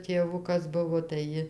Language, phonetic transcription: Lithuanian, tėˈvukas ˈbuvo tai ˈji

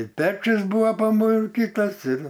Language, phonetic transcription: Lithuanian, i ˈpečius ˈbūvo pamurˈkytas ir

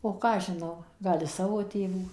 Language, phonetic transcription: Lithuanian, o ˈką aš žiˈnau ˈgal iš ˈsavo ˈtėvų

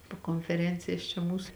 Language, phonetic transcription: Lithuanian, po konfeˈrencijas čia ˈmūs

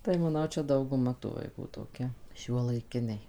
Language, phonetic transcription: Lithuanian, tai maˈnau ˈčia dauguˈma tų vaiˈkų toˈkia šiuolaiˈkiniai

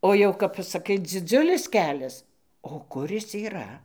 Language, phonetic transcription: Lithuanian, o ˈjau kap pasaˈkai dziˈdziulis ˈkelias o ˈkur ˈis yˈra

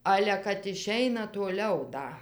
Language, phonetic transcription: Lithuanian, ˈale kad iˈšeina tuoˈliau ˈda

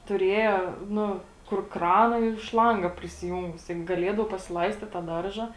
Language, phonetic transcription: Lithuanian, tuˈrėja ˈnu kur ˈkrana ir ˈšlanga prisiˈjūngus taip gaˈliedau pasiˈlaistit ta ˈdarža

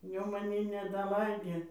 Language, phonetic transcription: Lithuanian, ˈjau maˈnį nedaˈlaidė

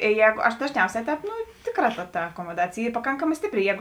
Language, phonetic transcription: Lithuanian, i ˈjēgo aš dažˈniausē ˈtēp ˈtėˌkrā ta ta akomoˈdacėj ˈy paˈkankamā ˈstipˌri ˈjēgu

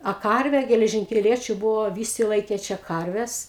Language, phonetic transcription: Lithuanian, a ˈkarve geležinkeˈliečiu ˈbuvo ˈvysi ˈlaikė ˈčia ˈkarves

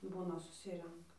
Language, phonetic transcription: Lithuanian, ˈbūna suˈsirenka

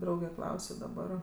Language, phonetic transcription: Lithuanian, ˈdrauge ˈklausio daˈbar

